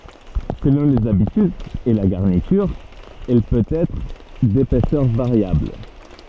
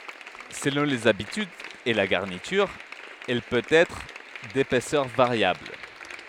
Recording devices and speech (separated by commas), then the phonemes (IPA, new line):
soft in-ear microphone, headset microphone, read sentence
səlɔ̃ lez abitydz e la ɡaʁnityʁ ɛl pøt ɛtʁ depɛsœʁ vaʁjabl